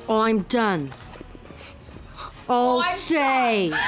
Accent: Cockney accent